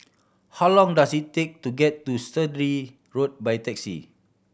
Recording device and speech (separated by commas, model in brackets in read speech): boundary microphone (BM630), read sentence